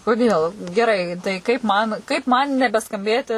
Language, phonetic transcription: Lithuanian, koˈdėl geˈrai tai kaip ˈman kaip ˈman nebeskamˈbėti

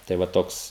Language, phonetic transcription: Lithuanian, tai ˈva ˈtoks

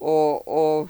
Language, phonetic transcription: Lithuanian, ˈo ˈo

